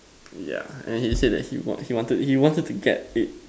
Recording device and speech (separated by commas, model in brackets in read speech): standing microphone, conversation in separate rooms